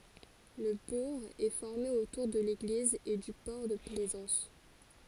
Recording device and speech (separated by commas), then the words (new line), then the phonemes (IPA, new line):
forehead accelerometer, read sentence
Le bourg est formé autour de l'église et du port de plaisance.
lə buʁ ɛ fɔʁme otuʁ də leɡliz e dy pɔʁ də plɛzɑ̃s